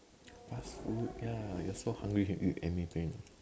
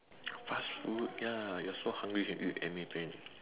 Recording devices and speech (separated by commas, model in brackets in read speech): standing microphone, telephone, conversation in separate rooms